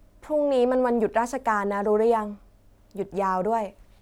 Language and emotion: Thai, neutral